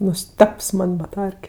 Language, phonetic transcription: Lithuanian, nuˈsteps ˈman' baˈtarke

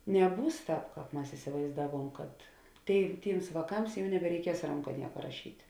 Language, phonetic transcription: Lithuanian, neˈbūs ˈtāp ˈkāp ˈmas isivaizˈdaˌvuom kad ˈtėi ˈtyms vāˈkams ˈjau nebereiˈkies ˈranka ˈnieka raˈšyt'

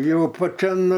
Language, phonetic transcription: Lithuanian, ˈjau paˈčian

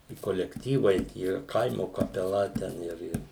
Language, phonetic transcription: Lithuanian, i kolekˈtyvai ˈtie ˈkaimo kapeˈla ˈten ˈir ˈir

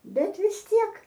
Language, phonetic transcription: Lithuanian, ˈbet vis ˈtiek

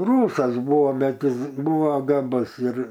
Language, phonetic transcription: Lithuanian, ˈrūsas ˈbūvo ˈbet ˈjis ˈbūo gaˈbus ir

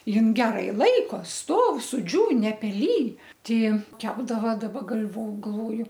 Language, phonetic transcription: Lithuanian, ˈjin ˈgerai ˈlaiko ˈstov suˈdžiūn nepeˈlyj ˈti ˈjin ˈkepdava daˈba gal'vo galˈvoju

